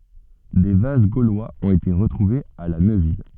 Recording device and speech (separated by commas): soft in-ear microphone, read sentence